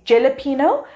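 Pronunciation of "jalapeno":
'Jalapeno' is pronounced incorrectly here.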